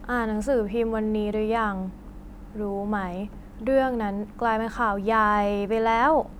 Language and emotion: Thai, frustrated